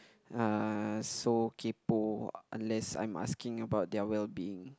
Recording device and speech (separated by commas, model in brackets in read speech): close-talking microphone, conversation in the same room